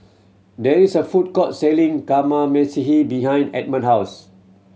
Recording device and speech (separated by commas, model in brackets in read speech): mobile phone (Samsung C7100), read sentence